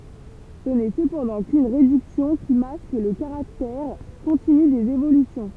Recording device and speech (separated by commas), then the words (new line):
temple vibration pickup, read sentence
Ce n'est cependant qu'une réduction qui masque le caractère continu des évolutions.